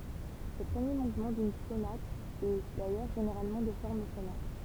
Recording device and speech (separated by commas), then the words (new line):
temple vibration pickup, read sentence
Le premier mouvement d'une sonate est, d'ailleurs, généralement de forme sonate.